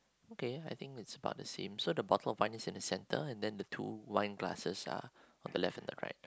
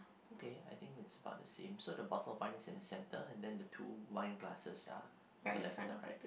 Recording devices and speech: close-talking microphone, boundary microphone, conversation in the same room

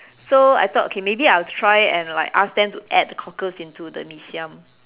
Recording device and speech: telephone, conversation in separate rooms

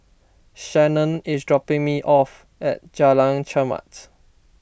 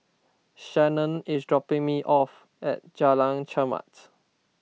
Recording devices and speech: boundary microphone (BM630), mobile phone (iPhone 6), read sentence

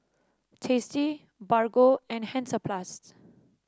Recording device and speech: standing microphone (AKG C214), read sentence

